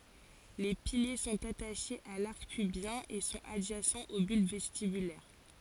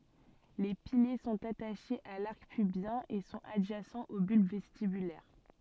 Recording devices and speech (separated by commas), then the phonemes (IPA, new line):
forehead accelerometer, soft in-ear microphone, read sentence
le pilje sɔ̃t ataʃez a laʁk pybjɛ̃ e sɔ̃t adʒasɑ̃z o bylb vɛstibylɛʁ